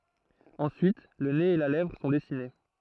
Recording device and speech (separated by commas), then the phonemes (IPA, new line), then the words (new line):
throat microphone, read sentence
ɑ̃syit lə nez e la lɛvʁ sɔ̃ dɛsine
Ensuite, le nez et la lèvre sont dessinés.